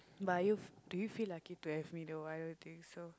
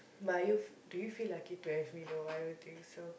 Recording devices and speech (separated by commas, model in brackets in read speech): close-talking microphone, boundary microphone, conversation in the same room